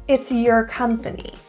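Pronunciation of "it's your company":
In 'it's your company', 'your' is reduced to a quick 'yer' sound.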